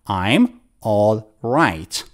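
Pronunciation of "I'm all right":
'I'm all right' is said in the way native American speakers don't say it: 'I'm' is not reduced to 'um', and 'all' is not reduced to 'oh'.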